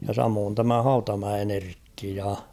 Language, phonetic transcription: Finnish, ja 'samoon tämä "Hautamäen ‿'Erkki ja .
- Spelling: ja samoin tämä Hautamäen Erkki ja

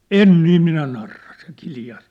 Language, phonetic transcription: Finnish, » "en "nii 'minä narra ! « se 'kiljas .
- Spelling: en niin minä narraa se kiljaisi

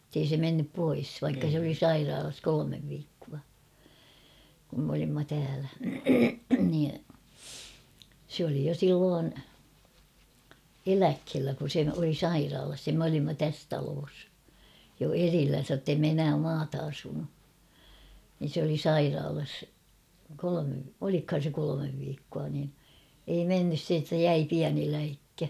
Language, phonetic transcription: Finnish, [et]tei se 'mennyp pois vaikka se ‿oli "sairaalas 'kolomev viikkua , kum m ‿olimma täälä , nii , sᵉ oli jo 'silloon , "eläkhellä kun̬ se oli "sairaalas ja m ‿olimma 'täs 'taloos , jo 'erillän̬sä ᵒttei me enää 'maata asunu , nin̬ s ‿oli "sairaalas , 'kolome , olikhan̬ se 'kolomev viikkua nin , ei 'mennys se että "jäi 'piäni läikkä .
- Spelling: että ei se mennyt pois vaikka se oli sairaalassa kolme viikkoa kun me olimme täällä niin se oli jo silloin eläkkeellä kun se oli sairaalassa ja me olimme tässä talossa jo erillänsä että ei me enää maata asunut niin se oli sairaalassa kolme olikohan se kolme viikkoa niin ei mennyt se että jäi pieni läikkä

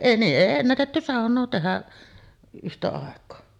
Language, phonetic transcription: Finnish, niiˀ "ˀèi 'ennätetty 'sàoǹoo tehä’ ’yhtä àek̀oo .
- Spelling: niin ei ennätetty saunaa tehdä yhtä aikaa

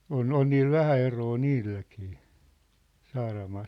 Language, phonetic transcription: Finnish, on "on niil "vähä 'eroo "niilläkii , 'Saaramaal .
- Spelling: on on niillä vähän eroa niilläkin Saaramaalla

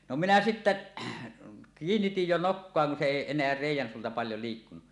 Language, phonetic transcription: Finnish, no 'minä "sittä , "kiinnitij 'jo "nokkoa kun se 'èi en̆neä 'rèij̆jän suulta paljo likkunu .
- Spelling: no minä sitten kiinnitin jo nokkaa kun se ei enää reiän suulta paljon liikkunut

